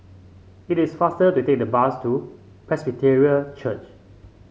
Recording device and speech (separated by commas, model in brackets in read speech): mobile phone (Samsung C5), read sentence